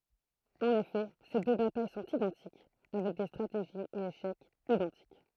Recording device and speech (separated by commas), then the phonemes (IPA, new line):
throat microphone, read sentence
ɑ̃n efɛ se dø bataj sɔ̃t idɑ̃tik avɛk de stʁateʒiz e eʃɛkz idɑ̃tik